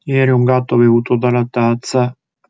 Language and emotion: Italian, sad